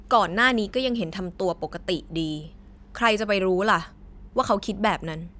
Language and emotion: Thai, frustrated